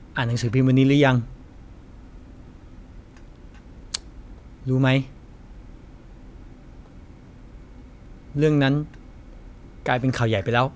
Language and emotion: Thai, frustrated